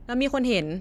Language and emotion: Thai, frustrated